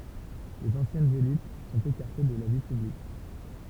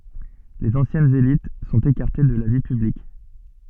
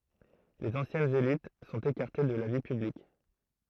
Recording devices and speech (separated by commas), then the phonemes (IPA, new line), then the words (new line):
temple vibration pickup, soft in-ear microphone, throat microphone, read sentence
lez ɑ̃sjɛnz elit sɔ̃t ekaʁte də la vi pyblik
Les anciennes élites sont écartées de la vie publique.